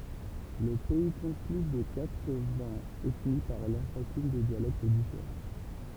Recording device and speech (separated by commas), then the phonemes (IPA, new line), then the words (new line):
temple vibration pickup, read sentence
lə pɛi kɔ̃t ply də katʁ vɛ̃z ɛtni paʁlɑ̃ ʃakyn de djalɛkt difeʁɑ̃
Le pays compte plus de quatre-vingts ethnies parlant chacune des dialectes différents.